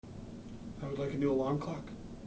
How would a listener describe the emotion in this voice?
neutral